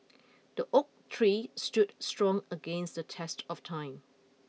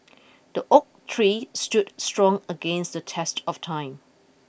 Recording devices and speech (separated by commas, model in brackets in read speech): mobile phone (iPhone 6), boundary microphone (BM630), read sentence